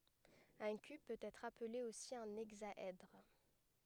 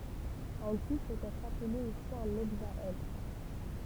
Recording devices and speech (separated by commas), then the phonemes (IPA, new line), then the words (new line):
headset microphone, temple vibration pickup, read sentence
œ̃ kyb pøt ɛtʁ aple osi œ̃ ɛɡzaɛdʁ
Un cube peut être appelé aussi un hexaèdre.